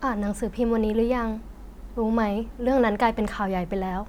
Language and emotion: Thai, sad